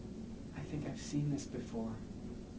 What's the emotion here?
neutral